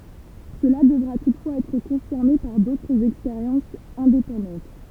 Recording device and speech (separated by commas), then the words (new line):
temple vibration pickup, read sentence
Cela devra toutefois être confirmé par d'autres expériences indépendantes.